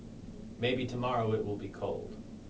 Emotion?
neutral